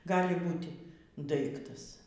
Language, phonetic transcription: Lithuanian, ˈgali ˈbūti ˈdaiktas

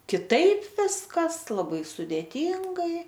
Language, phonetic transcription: Lithuanian, kiˈtaip ˈviskas laˈbai sudėˈtyngai

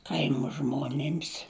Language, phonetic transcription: Lithuanian, ˈkaimo ˈžmonims

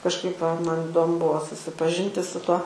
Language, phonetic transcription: Lithuanian, kažˈkaip va ˈman iˈdomu ˈbuo susipaˈžinti su ˈtuo

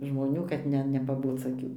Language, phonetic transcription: Lithuanian, žmoˈnių kad ˈne nepaˈboc aˈkių

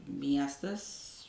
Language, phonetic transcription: Lithuanian, ˈmiestas

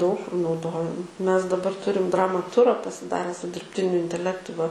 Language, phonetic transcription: Lithuanian, daug nauˈdojam ˈmes daˈbar ˈturim ˈdramaˈtura pasiˈdare su dirbˈtiniu inteˈlektu va

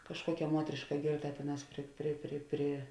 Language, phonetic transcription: Lithuanian, kažˈkuokia ˈmuotriška ˈgėrˌta ˈtėˌnās ˈpri pri pri pri

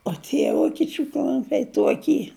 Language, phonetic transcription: Lithuanian, o tie ˈvokiečiu ˈklumpiai ˈtuoky

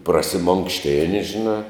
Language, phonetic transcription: Lithuanian, prasimonkšˈtini žiˈnā

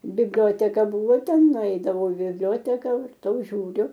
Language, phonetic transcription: Lithuanian, bibˈlioteka ˈbuvo ˈten nuˈeidavau i bibˈlioteka varˈtau žiūˈriu

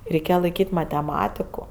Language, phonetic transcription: Lithuanian, reiˈkėja laiˈkyt' mateˈmatiku

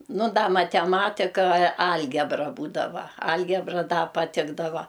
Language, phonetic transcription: Lithuanian, ˈnu ˈda mateˈmatika ˈalgebra ˈbūdava ˈalgebra ˈda paˈtikdava

